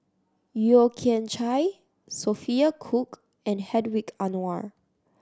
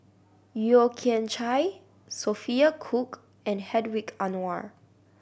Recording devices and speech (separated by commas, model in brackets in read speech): standing microphone (AKG C214), boundary microphone (BM630), read sentence